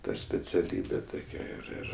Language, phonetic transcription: Lithuanian, ˈta speciaˈlybe ˈtokia ir ˈir

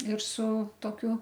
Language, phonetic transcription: Lithuanian, ir su toˈkiu

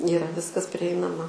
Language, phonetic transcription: Lithuanian, yˈra ˈviskas priˈeinama

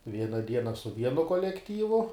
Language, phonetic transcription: Lithuanian, ˈviena ˈdiena su ˈvienu kolekˈtyvu

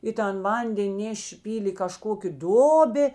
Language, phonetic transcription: Lithuanian, i ˈtan ˈvanden' ˈnešė ˈpylė i kaˈžkokė ˈdobė

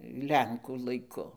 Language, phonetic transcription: Lithuanian, ˈlenkų laiˈku

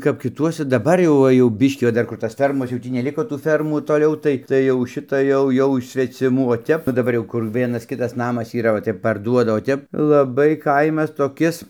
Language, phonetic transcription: Lithuanian, kap kiˈtuose daˈbar jau ˈva jau ˈbiškį va ˈdar kur ˈtas ˈfermos jau ˈtį neˈliko tų ˈfermų toˈliau tai tai jau ˈšita ˈjau ˈjau iš sveciˈmų o ˈtep o daˈbar jau kur ˈvienas ˈkitas ˈnamas yˈra o ˈtep parˈduoda o ˈtep laˈbai ˈkaimas toˈkis

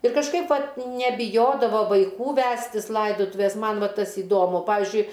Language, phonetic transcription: Lithuanian, ir kažˈkaip ˈvat nebiˈjodavo vaiˈkų ˈvestis ˈlaidotuvės ˈman ˈva ˈtas iˈdomu ˈpavizdžiui

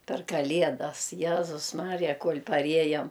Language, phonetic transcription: Lithuanian, per kaˈliedas ˈjezus ˈmarija ˈkuol' paˈriejam

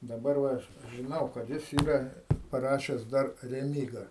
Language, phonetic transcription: Lithuanian, daˈbar ˈva ˈaš žiˈnau kad ˈjis ˈyra paˈrašes dar reˈmyga

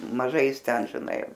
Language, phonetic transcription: Lithuanian, maˈžai ˈjis ˈten žiˈnai

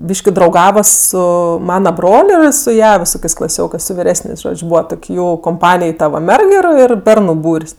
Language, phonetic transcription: Lithuanian, ˈbyški drauˈgava ˈsu ˈmana ˈbrol' ˈir su ˈja viˈsokės' klaˈsiokɜs su viˈresnės' ˈžodž' ˈbūva ˈtok' ˈjų komˈpanij ˈta va ˈmerg ir ˈir ˈbernu ˈbūr's'

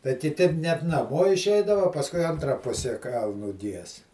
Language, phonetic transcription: Lithuanian, tai kiˈti net naˈmo išˈeidava o ˈpaskui ˈantra ˈpuse ˈkalnu ˈgies

